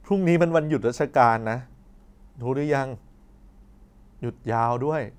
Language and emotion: Thai, sad